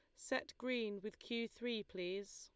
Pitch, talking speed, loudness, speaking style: 215 Hz, 165 wpm, -44 LUFS, Lombard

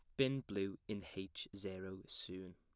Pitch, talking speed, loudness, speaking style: 95 Hz, 155 wpm, -44 LUFS, plain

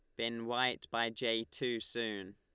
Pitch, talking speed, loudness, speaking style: 115 Hz, 165 wpm, -36 LUFS, Lombard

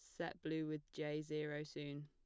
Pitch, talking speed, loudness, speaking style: 150 Hz, 195 wpm, -45 LUFS, plain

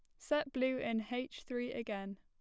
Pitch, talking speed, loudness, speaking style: 245 Hz, 180 wpm, -39 LUFS, plain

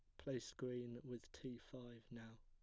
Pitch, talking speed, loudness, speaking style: 120 Hz, 160 wpm, -52 LUFS, plain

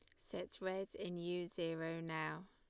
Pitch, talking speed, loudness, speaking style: 175 Hz, 155 wpm, -44 LUFS, Lombard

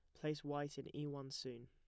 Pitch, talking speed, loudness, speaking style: 145 Hz, 245 wpm, -46 LUFS, plain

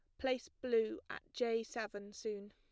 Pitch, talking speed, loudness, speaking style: 225 Hz, 155 wpm, -40 LUFS, plain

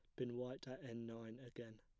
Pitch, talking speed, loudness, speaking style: 120 Hz, 225 wpm, -50 LUFS, plain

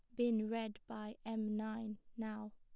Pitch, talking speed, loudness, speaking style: 220 Hz, 155 wpm, -42 LUFS, plain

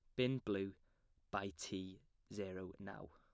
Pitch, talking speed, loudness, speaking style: 100 Hz, 125 wpm, -45 LUFS, plain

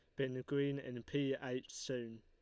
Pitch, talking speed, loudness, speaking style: 130 Hz, 180 wpm, -41 LUFS, Lombard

